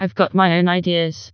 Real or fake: fake